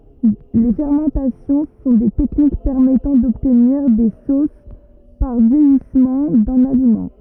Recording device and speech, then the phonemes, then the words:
rigid in-ear microphone, read sentence
le fɛʁmɑ̃tasjɔ̃ sɔ̃ de tɛknik pɛʁmɛtɑ̃ dɔbtniʁ de sos paʁ vjɛjismɑ̃ dœ̃n alimɑ̃
Les fermentations sont des techniques permettant d'obtenir des sauces par vieillissement d'un aliment.

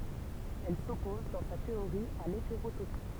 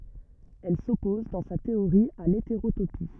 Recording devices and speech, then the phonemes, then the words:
temple vibration pickup, rigid in-ear microphone, read sentence
ɛl sɔpɔz dɑ̃ sa teoʁi a leteʁotopi
Elle s'oppose, dans sa théorie, à l'hétérotopie.

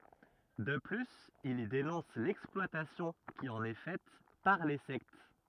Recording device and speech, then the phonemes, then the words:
rigid in-ear microphone, read sentence
də plyz il i denɔ̃s lɛksplwatasjɔ̃ ki ɑ̃n ɛ fɛt paʁ le sɛkt
De plus il y dénonce l'exploitation qui en est faite par les sectes.

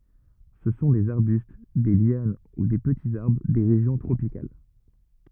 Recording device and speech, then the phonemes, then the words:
rigid in-ear microphone, read sentence
sə sɔ̃ dez aʁbyst de ljan u de pətiz aʁbʁ de ʁeʒjɔ̃ tʁopikal
Ce sont des arbustes, des lianes ou des petits arbres des régions tropicales.

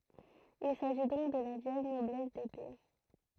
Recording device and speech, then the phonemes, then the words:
throat microphone, read sentence
il saʒi dɔ̃k də la vjɛl nɔblɛs depe
Il s'agit donc de la vielle noblesse d'épée.

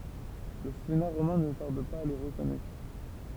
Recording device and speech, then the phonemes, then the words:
temple vibration pickup, read sentence
lə sena ʁomɛ̃ nə taʁd paz a le ʁəkɔnɛtʁ
Le Sénat romain ne tarde pas à les reconnaître.

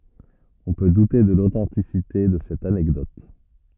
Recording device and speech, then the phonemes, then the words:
rigid in-ear microphone, read sentence
ɔ̃ pø dute də lotɑ̃tisite də sɛt anɛkdɔt
On peut douter de l'authenticité de cette anecdote.

